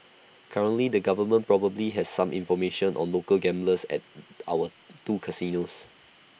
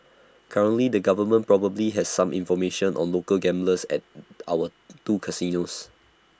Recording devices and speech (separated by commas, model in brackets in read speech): boundary microphone (BM630), standing microphone (AKG C214), read sentence